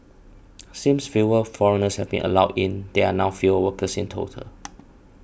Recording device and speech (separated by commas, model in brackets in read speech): boundary microphone (BM630), read sentence